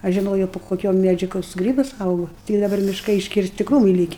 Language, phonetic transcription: Lithuanian, ˈaš žiˈnojo pu koˈkio ˈmædžiu ˈkoks ˈgrybas ˈaugu tik daˈbar mišˈkai iškirˈsti ˈkrūmɨi ˈlyki

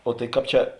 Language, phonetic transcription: Lithuanian, o tai ˈkāp ˈčia

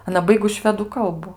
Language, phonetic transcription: Lithuanian, aˈna ˈbaigus ˈšvedų ˈkalbu

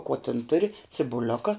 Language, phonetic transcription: Lithuanian, ko tin ˈturi cibuˈlioka

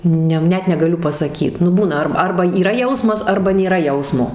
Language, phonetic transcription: Lithuanian, ˈne ˈnet negaˈliu pasaˈkyt nu ˈbūna ˈar ˈarba yˈra ˈjausmas ˈarba nėˈra ˈjausmo

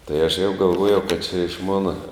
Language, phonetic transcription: Lithuanian, tai aš jau galˈvuojau kad čia iš ˈmona

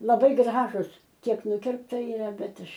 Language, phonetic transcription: Lithuanian, laˈbai ˈgražus ˈkiek ˈnukirpta iˈra ˈbet ˈaš

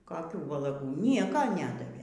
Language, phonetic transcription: Lithuanian, koˈkių valaˈgų ˈnieko ˈnedavė

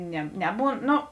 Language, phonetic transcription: Lithuanian, ne ˈneˌbūn ˈno

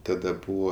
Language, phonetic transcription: Lithuanian, taˈda ˈbūvo

